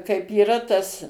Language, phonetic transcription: Lithuanian, kaip yˈra tas

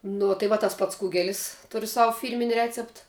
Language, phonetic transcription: Lithuanian, ˈno tai ˈva tas ˈpats ˈkugelis ˈturiu ˈsavu ˈfyrmini ˈrecept

